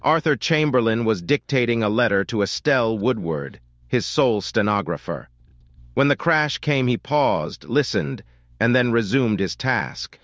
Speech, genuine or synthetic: synthetic